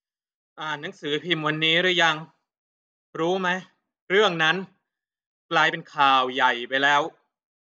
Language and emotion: Thai, frustrated